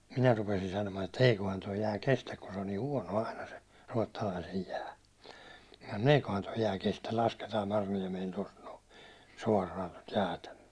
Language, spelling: Finnish, minä rupesin sanomaan että eiköhän tuo jää kestä kun se on niin huono aina se Ruotsalaisen jää no eiköhän tuo jää kestä lasketaan Marjoniemeen tuosta no suoraan tuota jäätä myöten
- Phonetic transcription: 'minä rupesin sanomaan että » 'eikohan toi jää 'kestäk « kun se on nii "huåno 'aina se , 'Ruåttalaisej jää , » 'n ‿eikohan toi 'jää 'kestä , lasketaa 'Mar(jo)niɛmeen̬ 'tost noo , 'suår̆raan̬ tot 'jäätä ᴍʏöʟᴇ « .

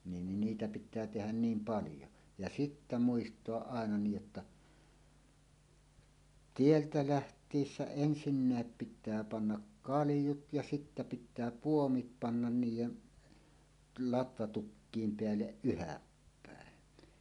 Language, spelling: Finnish, niin niitä pitää tehdä niin paljon ja sitten muistaa aina niin jotta tieltä lähtiessä ensinnäkin pitää panna kaljut ja sitten pitää puomit panna niiden latvatukkien päälle yhdäpäin
- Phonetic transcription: nin 'niitä pit̆tää tehän "niim "paljo , ja "sittä 'muistoaˀ "ˀàena niij jotta , "tieltä "läht̀iissä "ensinnä̀ep pit̆tää pannak "kalⁱjut ja sittä pit̆tää "puomit 'pannan 'niij̆jen , 'latvatukkiim 'peälleˀ "ˀyhäppä̀en .

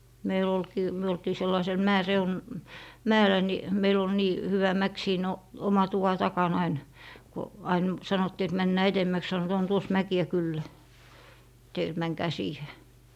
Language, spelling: Finnish, meillä olikin me oltiin sellaisella - mäellä niin meillä oli niin hyvä mäki siinä - oman tuvan takana aina kun aina sanottiin että mennään edemmäksi sanoivat on tuossa mäkiä kyllä teillä että menkää siihen
- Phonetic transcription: 'meil ‿olkii , 'myö oltii 'sellaisel "mäe'reun- , "mäel̀ä ni , 'meil ‿ol 'nii , 'hyvä 'mäk siin , o - 'oma 'tuva 'takan ‿ain , ko , 'ain , 'sanottii et » 'männää "etemmäks » sanot » on 'tuos "mäki₍ä 'kyllä , 'teil ‿et 'mäŋkää "siihe » .

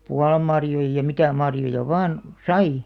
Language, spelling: Finnish, puolanmarjoja ja mitä marjoja vain sai
- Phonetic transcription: pualammarjoij ja 'mitä marjoja 'vaan , "sai .

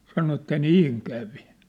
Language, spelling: Finnish, sanoi että niin kävi
- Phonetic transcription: sano että 'nîŋ 'kävi .

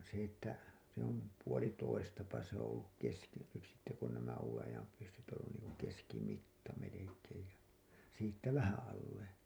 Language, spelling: Finnish, se että se on puolitoista se on ollut - nyt sitten kun nämä uuden ajan pyssyt on ollut niin kuin - keskimitta melkein ja siitä vähän alle
- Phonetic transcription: se ‿että se ‿om , 'puoli'toistapa se ‿oo̰ olluk 'keski- , nyt sitte kun nämä uuwen ajam pyssyt oo̰ ollun niiŋ- , ku 'keski'mitta melekeej ja , siittä 'vähää̰ alle .

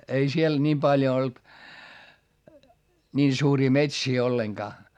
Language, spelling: Finnish, ei siellä niin paljon ollut niin suuria metsiä ollenkaan
- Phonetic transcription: ei siel niim paljo olt , ńiin suurii metsii olleŋGaa .

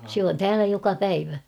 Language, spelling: Finnish, se on täällä joka päivä
- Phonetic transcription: sᵉ ‿on "täälä 'joka "päivä .

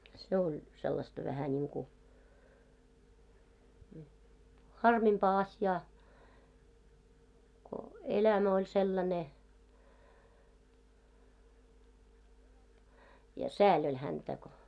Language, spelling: Finnish, se oli sellaista vähän niin kuin harmimpaa asiaa kun elämä oli sellainen ja sääli oli häntä kun
- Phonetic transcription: 'se oĺ , sellasta vähä ńiiŋku , "harmimpaa 'asjaa , ko "elämä oĺ sellane , ja "sääĺ oĺ 'häntä ko .

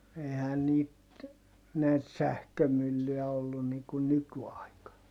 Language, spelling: Finnish, eihän niitä näitä sähkömyllyjä ollut niin kuin nykyaikana
- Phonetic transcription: ehän niit , näit sähkömyllyʲä ollun niŋ kun nyky₍aikan .

